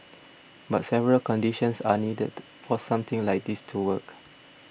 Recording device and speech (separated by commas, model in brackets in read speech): boundary microphone (BM630), read sentence